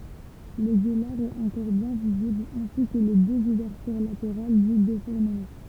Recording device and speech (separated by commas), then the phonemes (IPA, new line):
temple vibration pickup, read sentence
lə ɡølaʁ ɛt ɑ̃kɔʁ bjɛ̃ vizibl ɛ̃si kə le døz uvɛʁtyʁ lateʁal dy defuʁnəmɑ̃